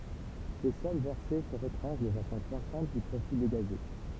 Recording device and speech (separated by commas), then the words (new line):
temple vibration pickup, read sentence
Ces sommes versées se retranchent de façon croissante du profit dégagé.